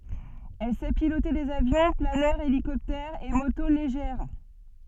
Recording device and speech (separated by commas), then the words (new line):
soft in-ear microphone, read sentence
Elle sait piloter des avions, planeurs, hélicoptères et motos légères.